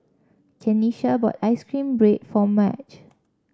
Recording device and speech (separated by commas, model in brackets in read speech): standing microphone (AKG C214), read sentence